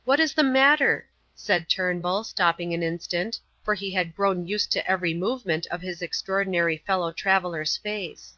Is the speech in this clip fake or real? real